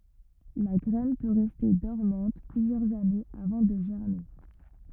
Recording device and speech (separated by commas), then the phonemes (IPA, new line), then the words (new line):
rigid in-ear microphone, read sentence
la ɡʁɛn pø ʁɛste dɔʁmɑ̃t plyzjœʁz anez avɑ̃ də ʒɛʁme
La graine peut rester dormante plusieurs années avant de germer.